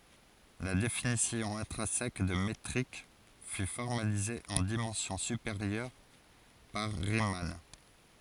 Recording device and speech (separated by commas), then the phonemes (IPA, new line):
forehead accelerometer, read sentence
la definisjɔ̃ ɛ̃tʁɛ̃sɛk də metʁik fy fɔʁmalize ɑ̃ dimɑ̃sjɔ̃ sypeʁjœʁ paʁ ʁiman